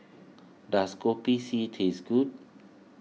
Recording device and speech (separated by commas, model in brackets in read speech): mobile phone (iPhone 6), read sentence